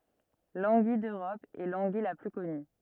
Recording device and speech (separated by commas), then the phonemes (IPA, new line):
rigid in-ear microphone, read sentence
lɑ̃ɡij døʁɔp ɛ lɑ̃ɡij la ply kɔny